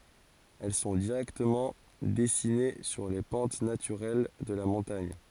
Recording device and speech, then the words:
forehead accelerometer, read sentence
Elles sont directement dessinées sur les pentes naturelles de la montagne.

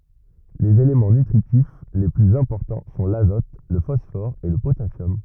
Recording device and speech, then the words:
rigid in-ear microphone, read sentence
Les éléments nutritifs les plus importants sont l'azote, le phosphore et le potassium.

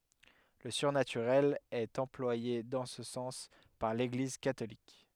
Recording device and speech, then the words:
headset microphone, read sentence
Le surnaturel est employé dans ce sens par l'Église catholique.

